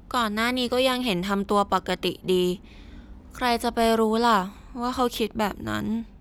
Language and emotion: Thai, frustrated